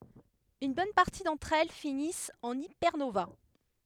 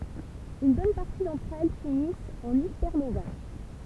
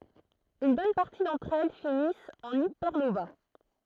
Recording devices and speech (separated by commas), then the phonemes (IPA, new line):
headset microphone, temple vibration pickup, throat microphone, read sentence
yn bɔn paʁti dɑ̃tʁ ɛl finist ɑ̃n ipɛʁnova